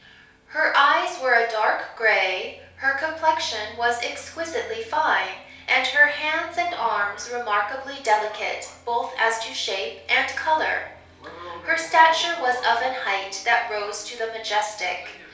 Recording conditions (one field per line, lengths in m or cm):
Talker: one person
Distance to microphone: 3.0 m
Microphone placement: far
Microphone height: 1.8 m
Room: small (3.7 m by 2.7 m)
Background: television